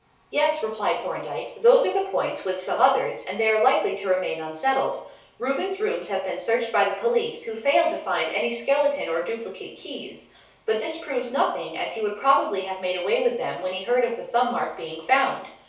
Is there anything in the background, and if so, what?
Nothing.